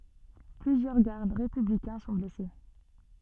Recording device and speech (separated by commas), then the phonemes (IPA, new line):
soft in-ear microphone, read sentence
plyzjœʁ ɡaʁd ʁepyblikɛ̃ sɔ̃ blɛse